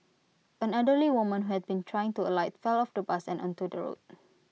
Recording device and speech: mobile phone (iPhone 6), read sentence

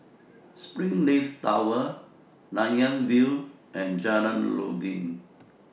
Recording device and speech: mobile phone (iPhone 6), read sentence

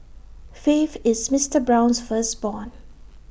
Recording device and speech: boundary microphone (BM630), read sentence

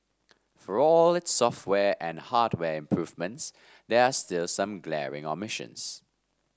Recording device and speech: standing microphone (AKG C214), read sentence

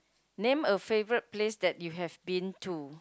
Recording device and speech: close-talking microphone, conversation in the same room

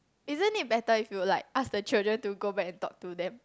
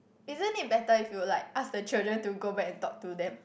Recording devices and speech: close-talking microphone, boundary microphone, conversation in the same room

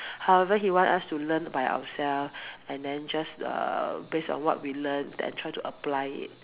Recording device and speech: telephone, conversation in separate rooms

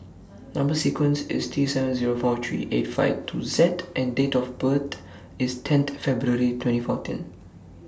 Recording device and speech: standing microphone (AKG C214), read sentence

